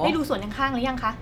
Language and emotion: Thai, neutral